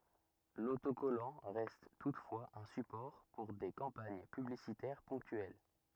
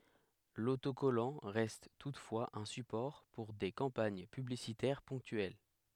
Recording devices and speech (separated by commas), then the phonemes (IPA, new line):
rigid in-ear microphone, headset microphone, read sentence
lotokɔlɑ̃ ʁɛst tutfwaz œ̃ sypɔʁ puʁ de kɑ̃paɲ pyblisitɛʁ pɔ̃ktyɛl